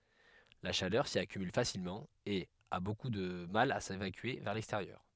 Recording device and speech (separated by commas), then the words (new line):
headset microphone, read sentence
La chaleur s'y accumule facilement et a beaucoup de mal à s'évacuer vers l'extérieur.